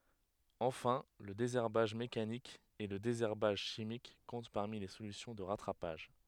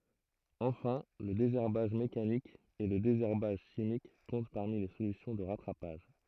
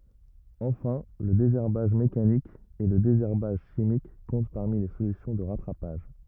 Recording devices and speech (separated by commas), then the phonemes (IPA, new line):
headset microphone, throat microphone, rigid in-ear microphone, read sentence
ɑ̃fɛ̃ lə dezɛʁbaʒ mekanik e lə dezɛʁbaʒ ʃimik kɔ̃t paʁmi le solysjɔ̃ də ʁatʁapaʒ